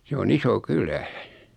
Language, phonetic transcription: Finnish, 'se o'n ‿iso "kylä .
- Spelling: se on iso kylä

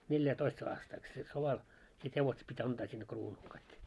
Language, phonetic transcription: Finnish, 'neljä'toist aastaik se 'soval , sit 'hevoset pit́ "antaa sinne 'kruunul kaik .
- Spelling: neljätoista aastaikaa se sodalla sitten hevoset piti antaa sinne kruunulle kaikki

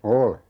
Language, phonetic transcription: Finnish, "ole .
- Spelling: olen

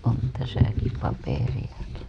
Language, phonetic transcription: Finnish, on 'täsäki 'paperiʲaki .
- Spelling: on tässäkin paperiakin

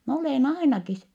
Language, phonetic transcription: Finnish, » m ‿olèn ainakis . »
- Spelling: minä olen ainakin

